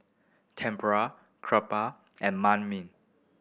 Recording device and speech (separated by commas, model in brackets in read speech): boundary microphone (BM630), read sentence